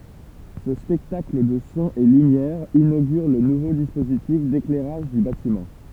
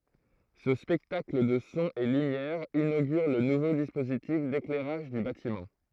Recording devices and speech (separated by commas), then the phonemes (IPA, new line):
temple vibration pickup, throat microphone, read sentence
sə spɛktakl də sɔ̃z e lymjɛʁz inoɡyʁ lə nuvo dispozitif deklɛʁaʒ dy batimɑ̃